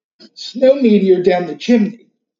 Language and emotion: English, fearful